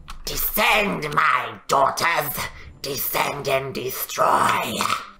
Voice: raspy voice